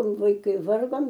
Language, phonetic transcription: Lithuanian, vaiˈkai ˈvargom

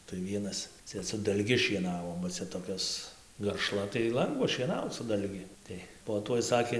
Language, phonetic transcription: Lithuanian, tai ˈvienas ˈcia su dalˈgi šieˈnavo ba ˈcia toˈkios garˈšla tai ˈlangva šieˈnauc su dalˈgi ˈtai po ˈtuoj ˈsakė

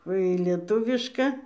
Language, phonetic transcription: Lithuanian, ˈva į lieˈtuviška

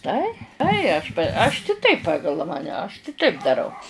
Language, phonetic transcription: Lithuanian, ˈtai ˈtai aš p aš ti ˈtaip ˈpagal ˈmane ˈaš kiˈtaip daˈrau

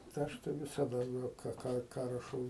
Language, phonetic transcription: Lithuanian, tai ˈaš tai visaˈda ˈką ˈką ˈką raˈšau

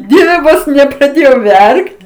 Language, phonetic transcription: Lithuanian, ˈdieve ˈvos nepraˈdėjau ˈverkt

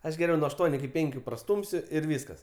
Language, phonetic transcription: Lithuanian, ˈaš geˈriau nuo ašˈtuoniu iki ˈpenkiu praˈstūmsiu ir ˈvyskas

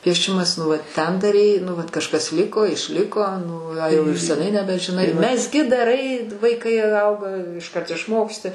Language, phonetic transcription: Lithuanian, pieˈšimas nu ˈvat ˈten daˈrei nu ˈvat kažˈkas ˈliko išˈliko ˈnu a jau ir seˈnai nebežiˈnai mezˈgi daˈrai vaiˈkai ˈauga išˈkart išˈmoksti

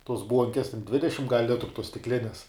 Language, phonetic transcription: Lithuanian, tuos ˈbuonkes ten ˈdvidešim gal' ˈlitru tuos stikˈlines

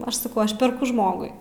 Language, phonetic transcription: Lithuanian, ˈaš saˈkau ˈaš perˈku ˈžmogui

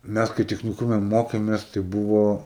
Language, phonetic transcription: Lithuanian, ˈmæs kai techniˈkume ˈmokėmės tai ˈbuvo

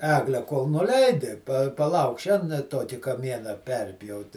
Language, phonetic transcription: Lithuanian, ˈeglę kol nuˈleidi pa paˈlauk ˈšen ˈtoki kaˈmiena ˈperpjauti

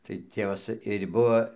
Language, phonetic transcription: Lithuanian, tai ˈtėvas ir' ˈbuo

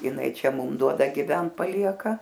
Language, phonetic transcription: Lithuanian, jiˈnai ˈčia ˈmum ˈduoda giˈvent paˈlieka

